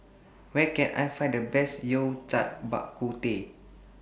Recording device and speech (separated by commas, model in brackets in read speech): boundary microphone (BM630), read sentence